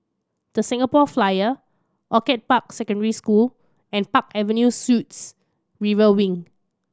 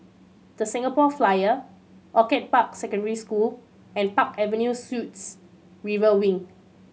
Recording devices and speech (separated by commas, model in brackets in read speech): standing microphone (AKG C214), mobile phone (Samsung C7100), read sentence